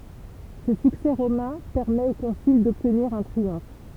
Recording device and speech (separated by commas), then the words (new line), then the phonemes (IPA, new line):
temple vibration pickup, read sentence
Ce succès romain permet au consul d'obtenir un triomphe.
sə syksɛ ʁomɛ̃ pɛʁmɛt o kɔ̃syl dɔbtniʁ œ̃ tʁiɔ̃f